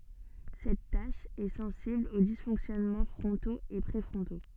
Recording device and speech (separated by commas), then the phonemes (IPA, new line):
soft in-ear microphone, read sentence
sɛt taʃ ɛ sɑ̃sibl o disfɔ̃ksjɔnmɑ̃ fʁɔ̃toz e pʁefʁɔ̃to